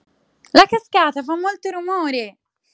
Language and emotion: Italian, happy